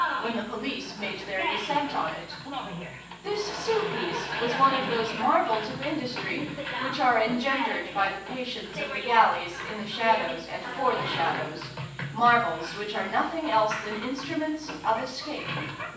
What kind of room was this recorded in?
A spacious room.